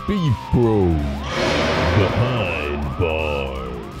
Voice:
Deep voice